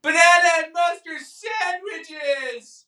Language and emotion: English, fearful